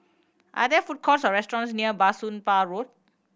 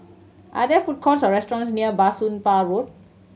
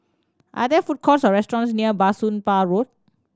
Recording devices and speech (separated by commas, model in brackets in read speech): boundary microphone (BM630), mobile phone (Samsung C7100), standing microphone (AKG C214), read sentence